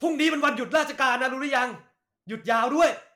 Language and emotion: Thai, angry